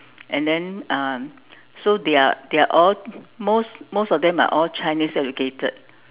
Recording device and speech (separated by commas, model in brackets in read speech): telephone, conversation in separate rooms